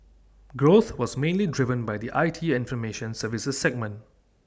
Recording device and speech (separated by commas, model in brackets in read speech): standing microphone (AKG C214), read sentence